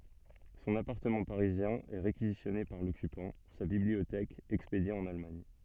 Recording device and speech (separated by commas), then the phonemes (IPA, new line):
soft in-ear microphone, read sentence
sɔ̃n apaʁtəmɑ̃ paʁizjɛ̃ ɛ ʁekizisjɔne paʁ lɔkypɑ̃ sa bibliotɛk ɛkspedje ɑ̃n almaɲ